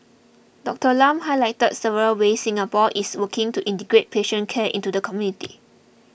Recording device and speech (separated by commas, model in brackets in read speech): boundary microphone (BM630), read sentence